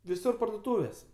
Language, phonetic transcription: Lithuanian, viˈsur pardoˈtūvės

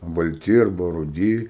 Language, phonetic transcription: Lithuanian, balˈti arˈba ruˈdy

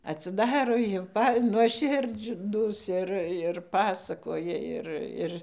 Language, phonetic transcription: Lithuanian, atsiˈdaro jau ˈpa nuoˈširdždūs ˈir ir ˈpasakoja ˈir ˈir

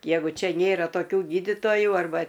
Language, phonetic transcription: Lithuanian, ˈjegu ˈčia ˈnėra toˈkių ˈgyditoju arˈba

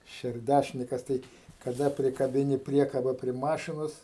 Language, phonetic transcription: Lithuanian, šerˈdæšnikas ˈtai kaˈda prikabiˈni ˈpriekaba prie ˈmašinos

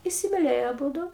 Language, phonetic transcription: Lithuanian, isimiˈlėjo aˈbūdu

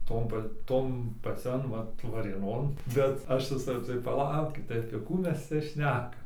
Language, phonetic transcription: Lithuanian, ˈton pa ˈton paˈcian ˈvat varėˈnon bet ˈaš ˈvisa tai paˈlaukit tai apie ˈkų ˈmes ˈcia ˈšnekam

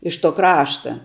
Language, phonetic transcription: Lithuanian, iš to ˈkrašta

